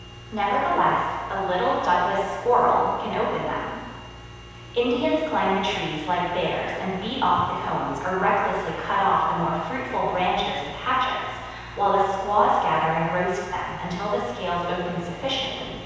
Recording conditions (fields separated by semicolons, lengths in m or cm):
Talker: one person; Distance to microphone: 7.1 m; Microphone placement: far; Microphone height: 1.7 m; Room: very reverberant, large; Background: none